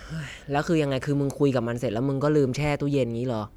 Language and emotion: Thai, frustrated